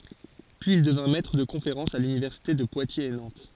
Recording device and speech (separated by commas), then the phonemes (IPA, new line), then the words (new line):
forehead accelerometer, read sentence
pyiz il dəvjɛ̃ mɛtʁ də kɔ̃feʁɑ̃sz a lynivɛʁsite də pwatjez e nɑ̃t
Puis il devient maitre de conférences à l'université de Poitiers et Nantes.